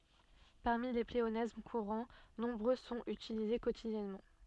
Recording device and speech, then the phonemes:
soft in-ear microphone, read sentence
paʁmi le pleonasm kuʁɑ̃ nɔ̃bʁø sɔ̃t ytilize kotidjɛnmɑ̃

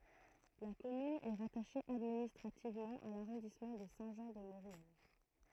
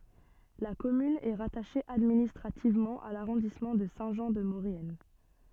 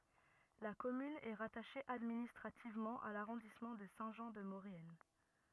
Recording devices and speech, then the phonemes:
throat microphone, soft in-ear microphone, rigid in-ear microphone, read sentence
la kɔmyn ɛ ʁataʃe administʁativmɑ̃ a laʁɔ̃dismɑ̃ də sɛ̃ ʒɑ̃ də moʁjɛn

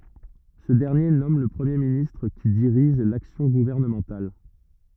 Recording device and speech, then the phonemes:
rigid in-ear microphone, read sentence
sə dɛʁnje nɔm lə pʁəmje ministʁ ki diʁiʒ laksjɔ̃ ɡuvɛʁnəmɑ̃tal

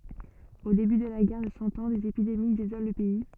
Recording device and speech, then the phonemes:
soft in-ear microphone, read sentence
o deby də la ɡɛʁ də sɑ̃ ɑ̃ dez epidemi dezolɑ̃ lə pɛi

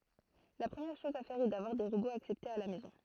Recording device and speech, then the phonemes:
throat microphone, read sentence
la pʁəmjɛʁ ʃɔz a fɛʁ ɛ davwaʁ de ʁoboz aksɛptez a la mɛzɔ̃

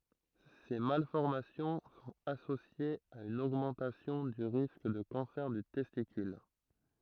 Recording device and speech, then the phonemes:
throat microphone, read sentence
se malfɔʁmasjɔ̃ sɔ̃t asosjez a yn oɡmɑ̃tasjɔ̃ dy ʁisk də kɑ̃sɛʁ dy tɛstikyl

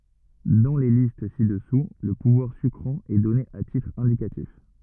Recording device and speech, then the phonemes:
rigid in-ear microphone, read sentence
dɑ̃ le list si dəsu lə puvwaʁ sykʁɑ̃ ɛ dɔne a titʁ ɛ̃dikatif

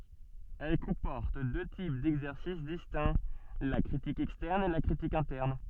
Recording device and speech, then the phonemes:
soft in-ear microphone, read sentence
ɛl kɔ̃pɔʁt dø tip dɛɡzɛʁsis distɛ̃ la kʁitik ɛkstɛʁn e la kʁitik ɛ̃tɛʁn

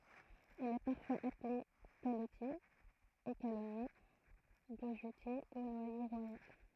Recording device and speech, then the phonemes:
throat microphone, read sentence
il ɛ paʁfwaz aple kalɔtje ekalɔnje ɡoʒøtje u nwaje ʁwajal

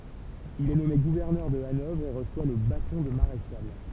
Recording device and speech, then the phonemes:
temple vibration pickup, read sentence
il ɛ nɔme ɡuvɛʁnœʁ də anɔvʁ e ʁəswa lə batɔ̃ də maʁeʃal

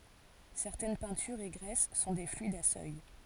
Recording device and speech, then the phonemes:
forehead accelerometer, read sentence
sɛʁtɛn pɛ̃tyʁz e ɡʁɛs sɔ̃ de flyidz a sœj

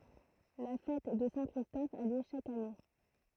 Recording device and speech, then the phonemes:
throat microphone, read sentence
la fɛt də sɛ̃ kʁistɔf a ljø ʃak ane

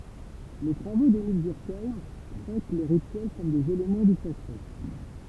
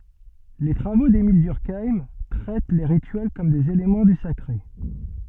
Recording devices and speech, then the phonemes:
temple vibration pickup, soft in-ear microphone, read sentence
le tʁavo demil dyʁkajm tʁɛt le ʁityɛl kɔm dez elemɑ̃ dy sakʁe

